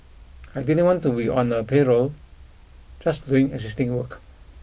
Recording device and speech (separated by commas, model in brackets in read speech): boundary microphone (BM630), read sentence